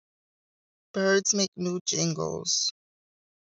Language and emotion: English, sad